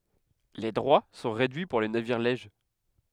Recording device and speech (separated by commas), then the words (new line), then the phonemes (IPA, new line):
headset microphone, read sentence
Les droits sont réduits pour les navires lèges.
le dʁwa sɔ̃ ʁedyi puʁ le naviʁ lɛʒ